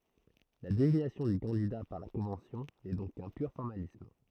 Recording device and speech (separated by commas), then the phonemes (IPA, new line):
throat microphone, read sentence
la deziɲasjɔ̃ dy kɑ̃dida paʁ la kɔ̃vɑ̃sjɔ̃ nɛ dɔ̃k kœ̃ pyʁ fɔʁmalism